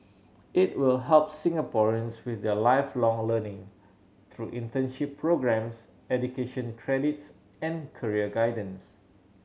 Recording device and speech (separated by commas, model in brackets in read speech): mobile phone (Samsung C7100), read sentence